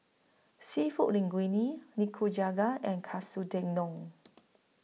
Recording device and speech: mobile phone (iPhone 6), read sentence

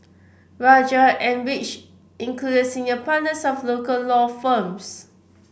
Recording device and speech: boundary microphone (BM630), read sentence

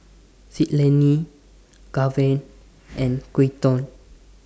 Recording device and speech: standing microphone (AKG C214), read sentence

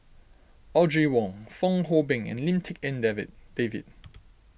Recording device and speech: boundary microphone (BM630), read sentence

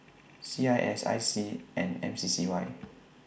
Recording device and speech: boundary microphone (BM630), read sentence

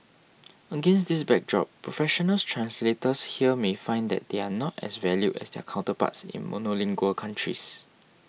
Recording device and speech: mobile phone (iPhone 6), read sentence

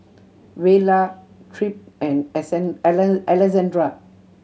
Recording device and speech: mobile phone (Samsung C7100), read sentence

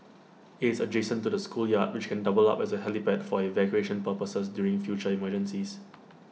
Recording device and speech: mobile phone (iPhone 6), read sentence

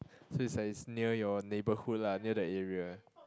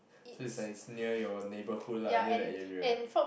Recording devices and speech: close-talking microphone, boundary microphone, conversation in the same room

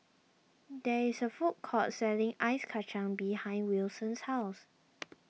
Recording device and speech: mobile phone (iPhone 6), read sentence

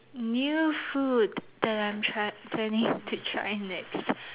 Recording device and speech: telephone, conversation in separate rooms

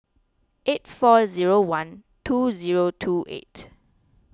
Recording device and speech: close-talking microphone (WH20), read sentence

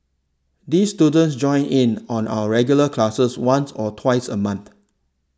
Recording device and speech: standing microphone (AKG C214), read sentence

